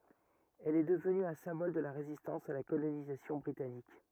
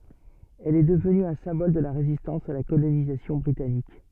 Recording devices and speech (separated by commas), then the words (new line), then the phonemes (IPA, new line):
rigid in-ear microphone, soft in-ear microphone, read sentence
Elle est devenue un symbole de la résistance à la colonisation britannique.
ɛl ɛ dəvny œ̃ sɛ̃bɔl də la ʁezistɑ̃s a la kolonizasjɔ̃ bʁitanik